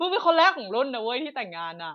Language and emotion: Thai, happy